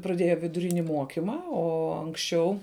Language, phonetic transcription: Lithuanian, praˈdėja viduˈrini ˈmuokima ˈo anksˈčiau

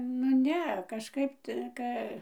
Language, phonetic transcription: Lithuanian, nu ˈne kažˈkaip ˈtə ˈka

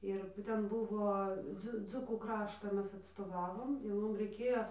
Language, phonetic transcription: Lithuanian, ˈir ˈten ˈbuvo ˈdzu ˈdzukų ˈkraštą ˈmes atstoˈvavom jau ˈmum reiˈkėjo

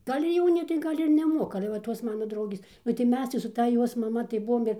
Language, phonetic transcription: Lithuanian, ˈgal' ir ˈjauni tai ˈgal' ir neˈmokama ale va ˈtos ˈmana ˈdraugės nu tai ˈmes tai su ˈta ˈjos maˈma tai ˈbuvom ir

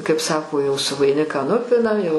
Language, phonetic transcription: Lithuanian, kaip ˈsako jau su vaiˈniką ˈnupinam jau

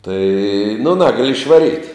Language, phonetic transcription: Lithuanian, tai nu ˈnagali išvaˈryt'

